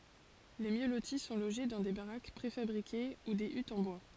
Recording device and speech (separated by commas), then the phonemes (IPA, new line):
forehead accelerometer, read sentence
le mjø loti sɔ̃ loʒe dɑ̃ de baʁak pʁefabʁike u de ytz ɑ̃ bwa